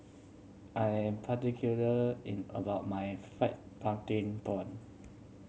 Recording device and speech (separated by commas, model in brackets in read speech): mobile phone (Samsung C7100), read sentence